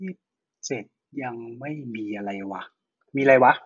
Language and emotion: Thai, neutral